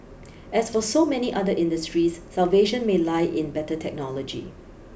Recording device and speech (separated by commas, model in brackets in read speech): boundary microphone (BM630), read sentence